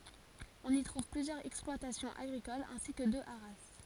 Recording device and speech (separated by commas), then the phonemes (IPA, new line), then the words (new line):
forehead accelerometer, read sentence
ɔ̃n i tʁuv plyzjœʁz ɛksplwatasjɔ̃z aɡʁikolz ɛ̃si kə dø aʁa
On y trouve plusieurs exploitations agricoles ainsi que deux haras.